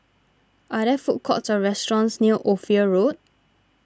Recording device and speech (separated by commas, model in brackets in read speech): standing microphone (AKG C214), read sentence